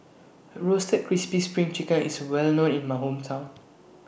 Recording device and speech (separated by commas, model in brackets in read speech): boundary microphone (BM630), read sentence